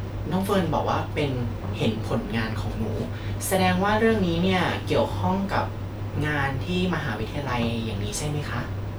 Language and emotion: Thai, neutral